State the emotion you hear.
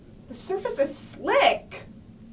disgusted